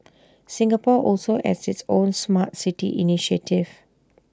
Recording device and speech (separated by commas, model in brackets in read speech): standing microphone (AKG C214), read sentence